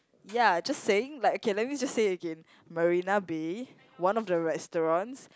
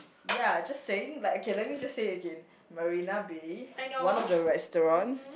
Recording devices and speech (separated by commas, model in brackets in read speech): close-talking microphone, boundary microphone, conversation in the same room